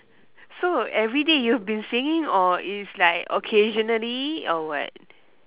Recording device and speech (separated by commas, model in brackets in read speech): telephone, conversation in separate rooms